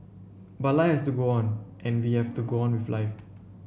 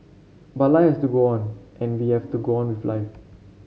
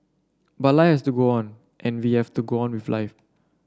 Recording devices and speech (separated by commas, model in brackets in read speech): boundary microphone (BM630), mobile phone (Samsung C7), standing microphone (AKG C214), read sentence